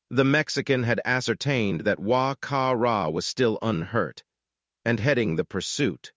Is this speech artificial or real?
artificial